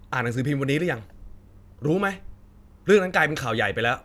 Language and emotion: Thai, angry